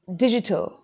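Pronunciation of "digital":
'Digital' has a British pronunciation, and its t sound is stressed.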